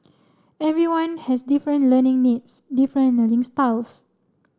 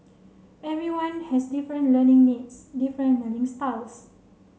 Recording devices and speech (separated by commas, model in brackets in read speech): standing microphone (AKG C214), mobile phone (Samsung C7), read sentence